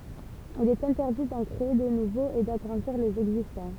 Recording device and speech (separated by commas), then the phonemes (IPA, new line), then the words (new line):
temple vibration pickup, read sentence
il ɛt ɛ̃tɛʁdi dɑ̃ kʁee də nuvoz e daɡʁɑ̃diʁ lez ɛɡzistɑ̃
Il est interdit d'en créer de nouveaux et d'agrandir les existants.